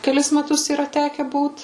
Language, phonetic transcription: Lithuanian, keˈlis meˈtus yˈra ˈteke ˈbūt

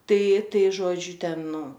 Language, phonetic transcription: Lithuanian, ˈtai ˈtai ˈžodžiu ˈten ˈnu

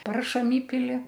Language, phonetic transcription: Lithuanian, ˈparšam ˈįpili

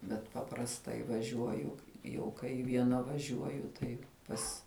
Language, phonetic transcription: Lithuanian, bet paprasˈtai vaˈžiuoju jau kai vieˈna vaˈžiuoju ˈtai ˈpas

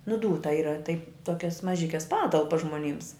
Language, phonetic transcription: Lithuanian, nu ˈdūta ˈyra tai ˈtokias maˈžikes ˈpatalpas žmoˈnyms

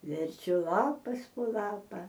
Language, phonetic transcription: Lithuanian, verˈčiu ˈlapas po ˈlapa

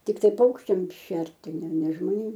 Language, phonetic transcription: Lithuanian, tikˈtai ˈpaukščiam ˈšerti ne ne žmoˈnėm

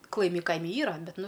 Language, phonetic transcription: Lithuanian, klaˈimi ˈkaimi ˈyra ˈbet ˈnu

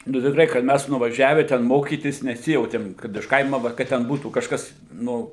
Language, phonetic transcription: Lithuanian, nu tikˈrai kad ˈmæs nuvaˈžiave ten ˈmokytis neˈsijautėm kad iš ˈkaima ˈva kad ten ˈbūtų kažˈkas ˈnu

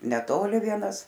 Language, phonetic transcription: Lithuanian, neˈtoli ˈvienas

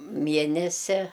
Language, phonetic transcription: Lithuanian, ˈmienesia

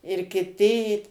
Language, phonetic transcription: Lithuanian, ir kiˈti į

